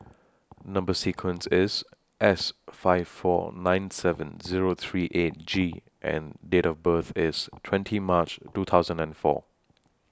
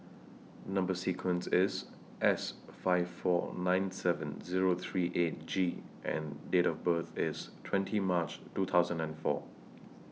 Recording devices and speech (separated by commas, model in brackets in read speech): standing microphone (AKG C214), mobile phone (iPhone 6), read sentence